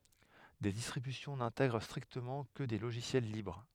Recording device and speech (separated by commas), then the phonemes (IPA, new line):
headset microphone, read sentence
de distʁibysjɔ̃ nɛ̃tɛɡʁ stʁiktəmɑ̃ kə de loʒisjɛl libʁ